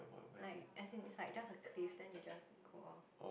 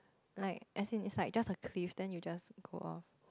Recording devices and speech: boundary microphone, close-talking microphone, conversation in the same room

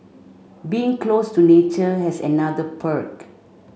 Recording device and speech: mobile phone (Samsung C5), read sentence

